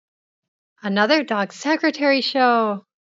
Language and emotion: English, happy